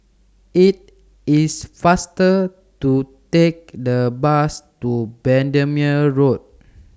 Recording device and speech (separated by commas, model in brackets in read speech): standing microphone (AKG C214), read sentence